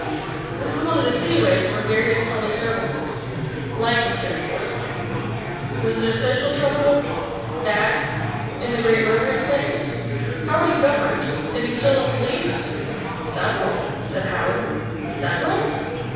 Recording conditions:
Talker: one person; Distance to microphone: 7.1 m; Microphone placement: far; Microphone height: 1.7 m; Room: very reverberant, large; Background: babble

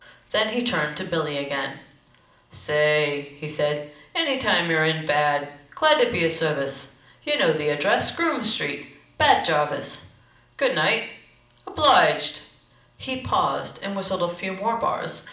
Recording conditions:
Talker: one person; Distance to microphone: 2.0 m; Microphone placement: close; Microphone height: 99 cm; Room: medium-sized (5.7 m by 4.0 m); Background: none

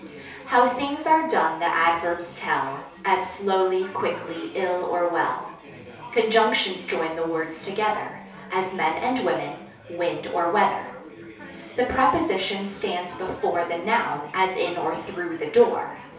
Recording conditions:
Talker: one person; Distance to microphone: 3.0 m; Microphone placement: far; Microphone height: 1.8 m; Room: small (3.7 m by 2.7 m); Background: babble

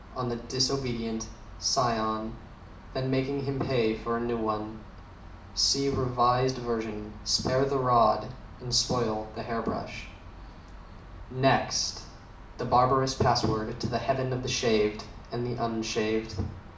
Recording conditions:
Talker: one person; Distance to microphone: 2.0 m; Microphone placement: close; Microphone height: 99 cm; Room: medium-sized (5.7 m by 4.0 m); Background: none

